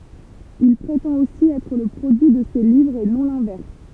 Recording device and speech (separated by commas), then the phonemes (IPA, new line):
temple vibration pickup, read sentence
il pʁetɑ̃t osi ɛtʁ lə pʁodyi də se livʁz e nɔ̃ lɛ̃vɛʁs